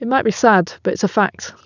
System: none